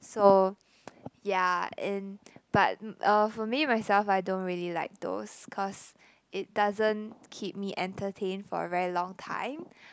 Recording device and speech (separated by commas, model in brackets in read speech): close-talking microphone, conversation in the same room